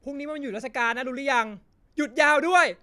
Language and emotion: Thai, angry